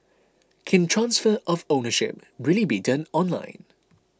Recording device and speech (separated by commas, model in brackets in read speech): close-talking microphone (WH20), read sentence